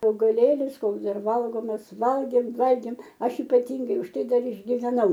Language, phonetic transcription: Lithuanian, augaˈlėlis ˈkoks ˈdar ˈvalgomas ˈvalgėm valgėm ˈaš ipaˈtingai už ˈtai ˈdar išgiveˈnau

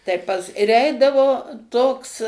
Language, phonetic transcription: Lithuanian, tai ˈpas ir ˈeidavo ˈtoks

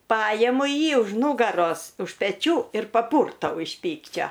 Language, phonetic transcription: Lithuanian, ˈpajemu ˈjį už ˈnūgaros už peˈčių ir paˈpurtau iš ˈpykčio

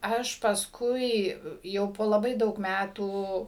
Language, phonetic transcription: Lithuanian, ˈaš pasˈkui ˈjau po laˈbai ˈdaug ˈmætų

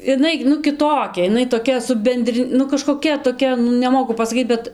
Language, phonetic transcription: Lithuanian, iˈnai nu kiˈtokia iˈnai toˈkia su ˈbendri nu kažkoˈkia toˈkia nu neˈmoku pasaˈkyt bet

